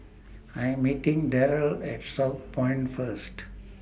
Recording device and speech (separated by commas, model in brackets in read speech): boundary microphone (BM630), read sentence